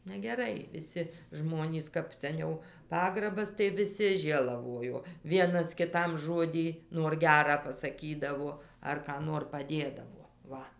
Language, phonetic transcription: Lithuanian, negeˈrai viˈsi ˈžmonys kaip seˈniau ˈpagrabas tai viˈsi ˈžėlavojo ˈvienas kiˈtam ˈžodį nuor ˈgerą pasaˈkydavo ar ką ˈnor paˈdėdavo ˈva

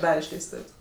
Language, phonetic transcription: Lithuanian, ˈdare išleisˈtuv's'

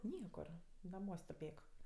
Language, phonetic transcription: Lithuanian, ˈniekur naˈmuos' tuˈpėk

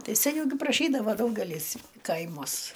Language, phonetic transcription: Lithuanian, ˈtai seˈniau gi praˈšydavo ˈdaugelys ˈkaimuos

